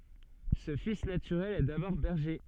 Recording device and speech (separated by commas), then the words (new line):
soft in-ear microphone, read sentence
Ce fils naturel est d’abord berger.